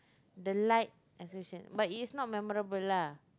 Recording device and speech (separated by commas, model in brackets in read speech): close-talking microphone, conversation in the same room